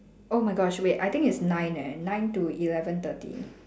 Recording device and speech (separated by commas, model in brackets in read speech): standing microphone, conversation in separate rooms